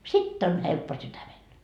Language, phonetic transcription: Finnish, "sitt ‿on 'helppo 'sytämel .
- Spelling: sitten on helppo sydämellä

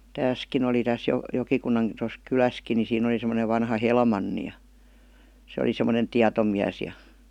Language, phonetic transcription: Finnish, 'tääskin ‿oli täs Jo- 'Jokikunnan tos "kyläski ni 'siin ‿oli semonev 'vanha "Helmanni ja , se oli sem̆monen "tiatomiäs ja .
- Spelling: tässäkin oli tässä - Jokikunnan tuossa kylässäkin niin siinä oli semmoinen vanha Helmanni ja se oli semmoinen tietomies ja

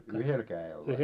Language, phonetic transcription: Finnish, ja 'yhel kää₍el vai ?
- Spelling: ja yhdellä kädellä vai

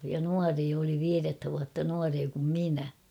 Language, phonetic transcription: Finnish, ja "nuaree oli 'viirettä vuatta 'nuaree kum 'minä .
- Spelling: ja nuorin oli viidettä vuotta nuorempi kuin minä

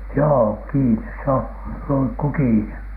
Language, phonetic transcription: Finnish, joo , "kiines se on , 'luŋkku "kiine .
- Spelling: joo kiinni se on lunkku kiinni

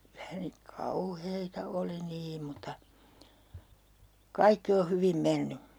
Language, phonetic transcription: Finnish, kylä (ne nik) "kau'heita 'oli 'niim̆ muta , "kaikki o 'hyvim 'menny .
- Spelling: kyllä ne niin kauheita oli niin mutta kaikki on hyvin mennyt

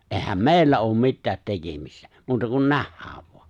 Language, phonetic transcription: Finnish, '’ehäm "mè̬i̬llä oom 'mittäät "tekemistä , 'muuta kun "nähhääv voa .
- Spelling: eihän meillä ole mitään tekemistä muuta kuin nähdään vain

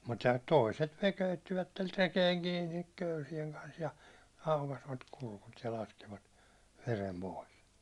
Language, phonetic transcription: Finnish, mutta 'tòiset 'ne köyttivätter 'rekeeŋ kiinik 'köysieŋ kans ja , 'aukasvat 'kulkut ja 'laskivat , 'verem 'pòis .
- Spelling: mutta toiset ne köyttivät rekeen kiinni köysien kanssa ja aukaisivat kurkut ja laskivat veren pois

